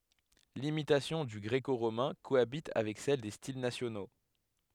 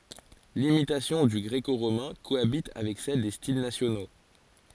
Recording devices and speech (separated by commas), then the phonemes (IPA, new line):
headset microphone, forehead accelerometer, read sentence
limitasjɔ̃ dy ɡʁeko ʁomɛ̃ koabit avɛk sɛl de stil nasjono